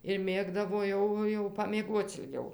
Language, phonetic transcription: Lithuanian, ir ˈmėgdavo ˈjau jau pamieˈguoc ilˈgiau

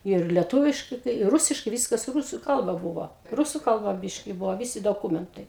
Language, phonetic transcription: Lithuanian, yr leˈtūviškai kai ˈrusiškai ˈvyskas ˈrusu ˈkalba ˈbuvo ˈrusu kalˈba ˈbiški ˈbuvo ˈvisi doˈkūmentai

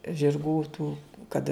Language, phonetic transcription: Lithuanian, žirˈgų tų ˈkad

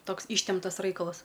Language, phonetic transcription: Lithuanian, ˈtoks ˈyštemptas ˈraikalas

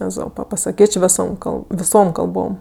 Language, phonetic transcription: Lithuanian, eˈzopa pasaˈkėč' ˈvisom ˈkalb viˈsom kalˈbom

